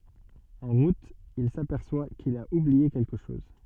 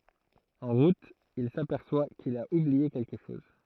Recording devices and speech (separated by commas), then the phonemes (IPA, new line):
soft in-ear microphone, throat microphone, read sentence
ɑ̃ ʁut il sapɛʁswa kil a ublie kɛlkə ʃɔz